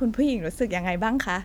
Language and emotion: Thai, happy